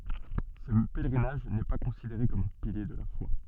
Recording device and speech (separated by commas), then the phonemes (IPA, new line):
soft in-ear microphone, read sentence
sə pɛlʁinaʒ nɛ pa kɔ̃sideʁe kɔm œ̃ pilje də la fwa